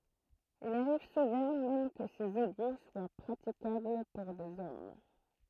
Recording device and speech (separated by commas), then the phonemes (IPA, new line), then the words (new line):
throat microphone, read sentence
il aʁiv suvɑ̃ mɛm kə sez eɡu swa pʁatikabl puʁ dez ɔm
Il arrive souvent même que ces égouts soient praticables pour des hommes.